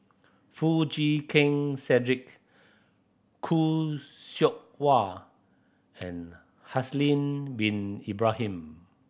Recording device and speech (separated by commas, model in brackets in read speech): boundary microphone (BM630), read sentence